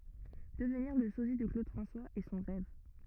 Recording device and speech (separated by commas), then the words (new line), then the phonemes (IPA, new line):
rigid in-ear microphone, read sentence
Devenir le sosie de Claude François est son rêve.
dəvniʁ lə sozi də klod fʁɑ̃swaz ɛ sɔ̃ ʁɛv